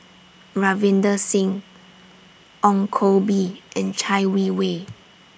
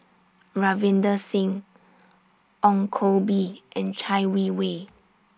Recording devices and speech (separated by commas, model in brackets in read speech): boundary microphone (BM630), standing microphone (AKG C214), read sentence